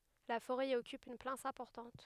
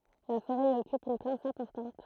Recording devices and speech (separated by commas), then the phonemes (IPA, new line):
headset microphone, throat microphone, read sentence
la foʁɛ i ɔkyp yn plas ɛ̃pɔʁtɑ̃t